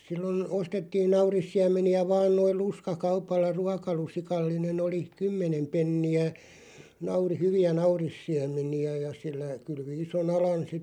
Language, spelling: Finnish, silloin ostettiin naurissiemeniä vain noin lusikkakaupalla ruokalusikallinen oli kymmenen penniä - hyviä naurissiemeniä ja sillä kylvi ison alan sitten
- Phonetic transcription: 'sillon , 'ostettiin "naurissiäm̆meni₍ä vaan noiˡ "luska'kaupalla 'ruakalusikallinen ‿oli , "kymmenem 'penni₍ä , nauri- "hyvi₍ä 'naurissiäm̆meni₍ä ja sillä , 'kylvi 'iso"n ‿alan sitte ,.

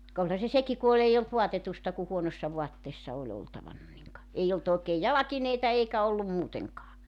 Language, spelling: Finnish, ka olihan se sekin kun oli ei ollut vaatetusta kun huonossa vaatteessa oli oltavana niin ka ei ollut oikein jalkineita eikä ollut muutenkaan
- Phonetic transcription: ka 'olha se 'seki ku ol ‿eij ‿olt 'voatetusta ku 'huonossa 'vuatteessa oĺ 'oltavanna niŋ ka , 'ei olt òekeej "jalakineita 'eikä 'ollum 'muuteŋkaa .

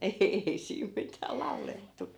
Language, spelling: Finnish, ei siinä mitään laulettu
- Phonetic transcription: 'e₍'ei siim mitää 'lau̬lettu .

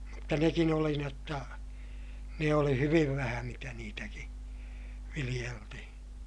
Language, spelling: Finnish, mutta nekin oli niin jotta ne oli hyvin vähän mitä niitäkin viljeltiin
- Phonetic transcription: mutta nekin ‿oli ni ‿otta , ne oli hyviv vähä mitä niitäki , viliʲeltihiḭ .

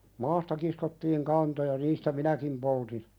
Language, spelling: Finnish, maasta kiskottiin kantoja niistä minäkin poltin
- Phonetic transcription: 'maasta kiskottiiŋ "kantoja "niistä 'minäkim poltin ,.

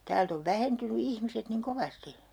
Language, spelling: Finnish, täältä on vähentynyt ihmiset niin kovasti
- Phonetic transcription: 'täält ‿ov 'vähentyny 'ihmiset niŋ "kovasti .

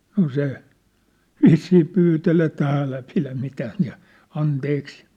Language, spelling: Finnish, no se vissiin pyyteli että älä pidä mitään ja anteeksi
- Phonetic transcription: 'no 'se , "vissii 'pyytel ‿et , » 'ä̀lä pilä 'mitääh̳n̳ ja , 'anteeksɪ ! «

